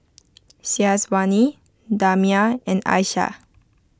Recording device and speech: close-talking microphone (WH20), read sentence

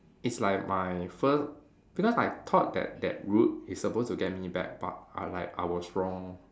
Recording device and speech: standing microphone, conversation in separate rooms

